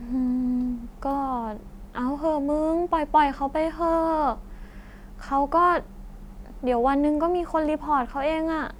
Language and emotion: Thai, frustrated